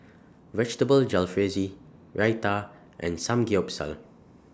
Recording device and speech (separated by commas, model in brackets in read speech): standing microphone (AKG C214), read sentence